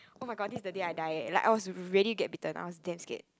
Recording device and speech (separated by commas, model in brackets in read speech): close-talking microphone, conversation in the same room